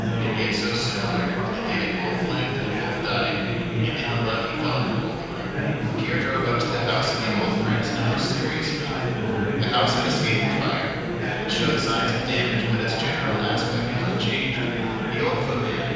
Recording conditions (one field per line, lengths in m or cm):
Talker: one person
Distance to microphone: 7.1 m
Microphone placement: far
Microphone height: 1.7 m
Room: very reverberant, large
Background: babble